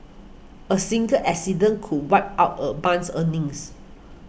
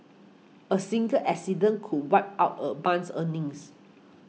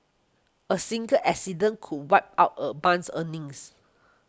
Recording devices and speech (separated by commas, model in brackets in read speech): boundary microphone (BM630), mobile phone (iPhone 6), close-talking microphone (WH20), read sentence